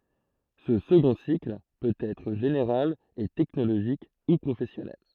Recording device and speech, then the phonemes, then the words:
throat microphone, read sentence
sə səɡɔ̃ sikl pøt ɛtʁ ʒeneʁal e tɛknoloʒik u pʁofɛsjɔnɛl
Ce second cycle peut être général et technologique ou professionnel.

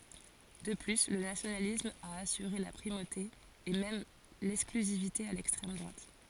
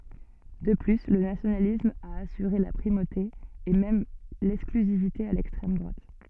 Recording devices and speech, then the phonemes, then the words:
forehead accelerometer, soft in-ear microphone, read sentence
də ply lə nasjonalism a asyʁe la pʁimote e mɛm lɛksklyzivite a lɛkstʁɛm dʁwat
De plus, le nationalisme a assuré la primauté et même l’exclusivité à l'extrême droite.

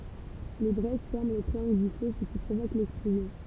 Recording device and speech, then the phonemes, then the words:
temple vibration pickup, read sentence
le bʁɛz fɛʁmɑ̃ lə tʁiɑ̃ɡl dy fø sə ki pʁovok lɛksplozjɔ̃
Les braises ferment le triangle du feu, ce qui provoque l'explosion.

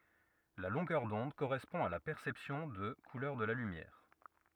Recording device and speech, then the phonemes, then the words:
rigid in-ear microphone, read sentence
la lɔ̃ɡœʁ dɔ̃d koʁɛspɔ̃ a la pɛʁsɛpsjɔ̃ də kulœʁ də la lymjɛʁ
La longueur d'onde correspond à la perception de couleur de la lumière.

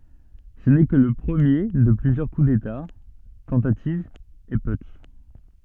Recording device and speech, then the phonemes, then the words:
soft in-ear microphone, read sentence
sə nɛ kə lə pʁəmje də plyzjœʁ ku deta tɑ̃tativz e putʃ
Ce n'est que le premier de plusieurs coup d'État, tentatives et putschs.

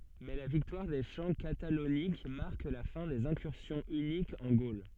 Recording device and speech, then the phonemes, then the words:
soft in-ear microphone, read sentence
mɛ la viktwaʁ de ʃɑ̃ katalonik maʁk la fɛ̃ dez ɛ̃kyʁsjɔ̃ ynikz ɑ̃ ɡol
Mais la victoire des champs Catalauniques marque la fin des incursions hunniques en Gaule.

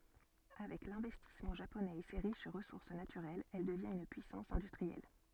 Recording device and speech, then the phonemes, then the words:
soft in-ear microphone, read sentence
avɛk lɛ̃vɛstismɑ̃ ʒaponɛz e se ʁiʃ ʁəsuʁs natyʁɛlz ɛl dəvjɛ̃t yn pyisɑ̃s ɛ̃dystʁiɛl
Avec l'investissement japonais et ses riches ressources naturelles, elle devient une puissance industrielle.

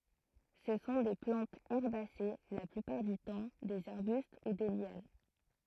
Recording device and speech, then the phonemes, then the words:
throat microphone, read sentence
sə sɔ̃ de plɑ̃tz ɛʁbase la plypaʁ dy tɑ̃ dez aʁbyst u de ljan
Ce sont des plantes herbacées la plupart du temps, des arbustes ou des lianes.

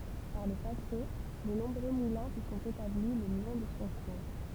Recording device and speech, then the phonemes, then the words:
temple vibration pickup, read sentence
paʁ lə pase də nɔ̃bʁø mulɛ̃ sə sɔ̃t etabli lə lɔ̃ də sɔ̃ kuʁ
Par le passé, de nombreux moulins se sont établis le long de son cours.

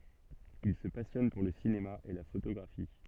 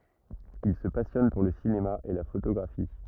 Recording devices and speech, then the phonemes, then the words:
soft in-ear microphone, rigid in-ear microphone, read sentence
il sə pasjɔn puʁ lə sinema e la fotoɡʁafi
Il se passionne pour le cinéma et la photographie.

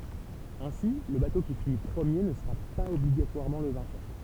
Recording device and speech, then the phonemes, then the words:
temple vibration pickup, read sentence
ɛ̃si lə bato ki fini pʁəmje nə səʁa paz ɔbliɡatwaʁmɑ̃ lə vɛ̃kœʁ
Ainsi, le bateau qui finit premier ne sera pas obligatoirement le vainqueur.

